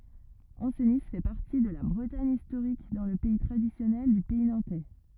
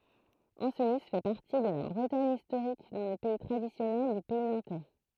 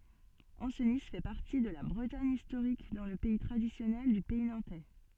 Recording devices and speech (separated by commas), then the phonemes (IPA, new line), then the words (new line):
rigid in-ear microphone, throat microphone, soft in-ear microphone, read sentence
ɑ̃sni fɛ paʁti də la bʁətaɲ istoʁik dɑ̃ lə pɛi tʁadisjɔnɛl dy pɛi nɑ̃tɛ
Ancenis fait partie de la Bretagne historique dans le pays traditionnel du Pays nantais.